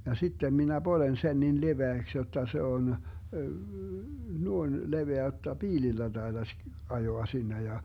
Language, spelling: Finnish, ja sitten minä poljen sen niin leveäksi jotta se on noin leveä jotta piilillä taitaisi ajaa sinne ja
- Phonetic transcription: ja 'sittem minä "Bolen 'sen nin 'leveäks jotta se on , 'nuoⁱn 'leveä jotta "piilillä 'DaiDaś , 'ajoa 'sinne ja ,.

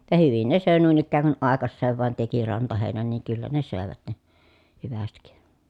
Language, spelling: Finnish, ja hyvin ne söi noin ikään kuin aikaiseen vain teki rantaheinän niin kyllä ne söivät ne hyvästi
- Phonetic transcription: ja hyvin ne sö̀e nuin ‿ikkääŋ kun ʼàekasseev vàen teki rantahèi̮nän niiŋ kyllä ne sö̀evät ne , hyvästik .

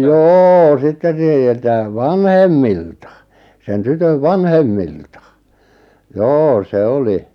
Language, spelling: Finnish, jo sitten - niiltä vanhemmilta sen tytön vanhemmilta joo se oli
- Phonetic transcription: jô 'sitten ʿˢⁱˉʾ 'niiltä , "vanhemmilta , sen 'tytöv "vanhemmilta , "joo "se 'oli ,.

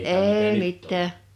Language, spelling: Finnish, ei mitään
- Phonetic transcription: 'ee 'mit̆tää .

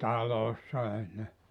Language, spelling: Finnish, talossa ei ne
- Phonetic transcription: 'talossa ei ne .

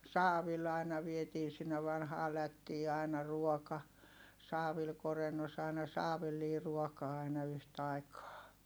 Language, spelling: Finnish, saavilla aina vietiin sinne vanhaan lättiin aina ruoka saavilla korennossa aina saavillinen ruokaa aina yhtaikaa
- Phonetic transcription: saavil aina vietii sinne vanhaa lättii ài̮na ruɔka , saavil korennos ai̮na saavillii ruɔkaa aina yhtaikaa .

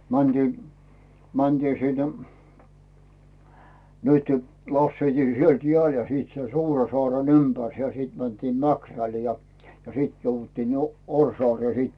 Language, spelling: Finnish, mentiin mentiin sinne nyt laskettiin sieltä jäälle ja sitten sen Suursaaren ympäri ja sitten mentiin Mäkrälle ja sitten jouduttiin jo Orjansaareen sitten
- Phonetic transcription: mänDii , mänDii sinnᴇ , nytʏ , lasseitii 'sielt "jeä̀l ja siit sen 'Suura'soàren 'ympärse ja 'sìt mäntiim "Mäkräl ja 'sìt jouvvuttììn jo , "Oŕsoàree siit .

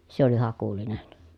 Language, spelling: Finnish, se oli Hakulinen
- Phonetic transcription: se ‿oli Hakulinen .

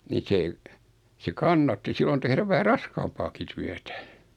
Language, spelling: Finnish, niin se se kannatti silloin tehdä vähän raskaampaakin työtä
- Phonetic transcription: ni 'se , se "kannatti 'sillon tehräv 'vähä "raskaampaaki 'tyätä .

